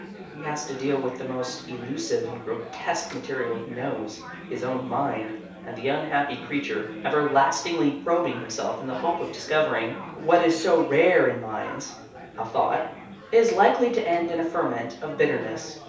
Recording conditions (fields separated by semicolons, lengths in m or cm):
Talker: one person; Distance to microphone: 3.0 m; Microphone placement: far; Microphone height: 1.8 m; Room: small (3.7 m by 2.7 m); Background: babble